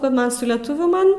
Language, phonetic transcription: Lithuanian, ka ˈman su leˈtuvių ˈman

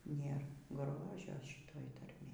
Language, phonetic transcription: Lithuanian, ˈnėr ˈgrožio ˈšytoj tarˈmėj

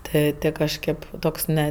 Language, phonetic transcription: Lithuanian, ˈtɜ ˈtɜ kažˈkėp ˈtoks ne

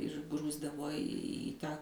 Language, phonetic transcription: Lithuanian, ir ˈgrūsdavo į ˈtą

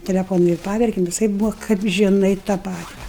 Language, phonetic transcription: Lithuanian, teleˈfonu ir ˈpaverkem viˈsaip ˈbūva kap žiˈnai tą ˈpati

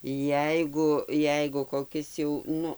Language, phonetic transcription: Lithuanian, ˈjeigu ˈjeigu koˈkis jau ˈnu

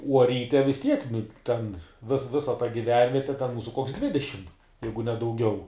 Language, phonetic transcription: Lithuanian, uo ˈryte vis ˈtiek nu ˈten vis ˈvisa ta giˈvenviete ten ˈmūsu koks ˈdvidešim ˈjeigu ne dauˈgiau

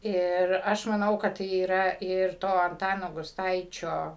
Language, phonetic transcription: Lithuanian, ˈir ˈaš maˈnau kad yˈra ir ˈto anˈtano gusˈtaičio

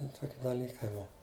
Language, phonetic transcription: Lithuanian, ˈtoki daˈlykai ˈbuva

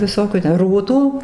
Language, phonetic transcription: Lithuanian, viˈsokių te ˈrūtų

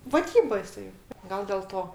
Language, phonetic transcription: Lithuanian, vaˈdyba jiˈsai ˈgal del ˈto

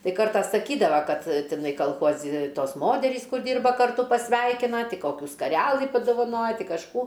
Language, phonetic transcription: Lithuanian, ˈtai ˈkartą saˈkydava ˈkad tiˈnai kalˈchuozi ˈtos ˈmoterys ˈkur ˈdyrba karˈtu pasˈveikina ˈti ˈkokių skarelɨ padovaˈnoja ˈti kažˈkų

